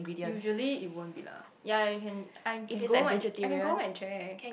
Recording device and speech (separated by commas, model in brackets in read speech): boundary microphone, conversation in the same room